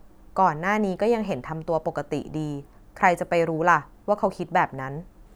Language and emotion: Thai, neutral